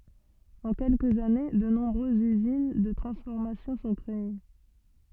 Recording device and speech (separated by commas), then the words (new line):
soft in-ear microphone, read sentence
En quelques années, de nombreuses usines de transformation sont créées.